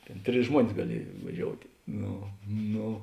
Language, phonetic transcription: Lithuanian, ˈtėn ˈtris ˈžmuonis gaˈliej vaˈžioutė ˈno ˈno

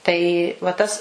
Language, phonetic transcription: Lithuanian, tai va ˈtas

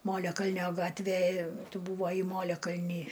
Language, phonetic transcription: Lithuanian, ˈmoliakalnio ˈgatvė ˈtu buˈvai ˈmoliakalny

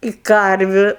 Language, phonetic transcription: Lithuanian, i ˈkarviu

